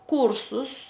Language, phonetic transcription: Lithuanian, ˈkūrsus

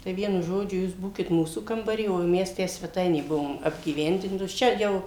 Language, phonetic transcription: Lithuanian, tai ˈvienu ˈžodžiu ˈjūs ˈbūkit ˈmūsų kambaˈry o ˈmes ˈtę sveˈtainė ˈbuvom apgyˈvendintos ˈčia jau

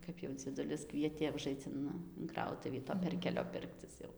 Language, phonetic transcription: Lithuanian, ˈkap jau dzieˈdulis ˈkvietė uˈžaic in in ˈkrautuvį to ˈperkelio ˈpirkcis jau

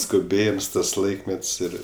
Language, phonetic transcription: Lithuanian, skuˈbėjims tas ˈlaikmet's' ˈir

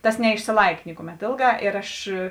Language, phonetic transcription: Lithuanian, ˈtas neišsiˈlaik ˈnikuˌmet ˈėlˌgā ir ˈaš

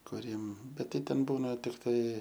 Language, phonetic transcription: Lithuanian, kuˈriem ˈbet ˈtai ˈten ˈbūna tikˈtai

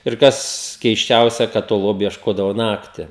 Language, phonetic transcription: Lithuanian, ir ˈkas keisˈčiausia kad to ˈlobiu iešˈkodavo ˈnakti

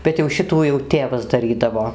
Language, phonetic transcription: Lithuanian, bet jau ˈšitų jau ˈtėvas daˈrydavo

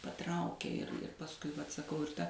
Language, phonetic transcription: Lithuanian, paˈtraukė ir ir pasˈkui vat saˈkau ir ˈta

